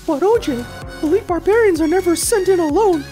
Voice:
In an annoying voice